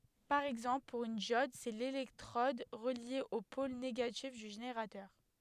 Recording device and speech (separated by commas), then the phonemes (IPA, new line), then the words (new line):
headset microphone, read sentence
paʁ ɛɡzɑ̃pl puʁ yn djɔd sɛ lelɛktʁɔd ʁəlje o pol neɡatif dy ʒeneʁatœʁ
Par exemple, pour une diode, c'est l'électrode reliée au pôle négatif du générateur.